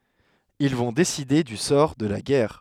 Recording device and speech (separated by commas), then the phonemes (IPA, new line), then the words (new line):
headset microphone, read sentence
il vɔ̃ deside dy sɔʁ də la ɡɛʁ
Ils vont décider du sort de la guerre.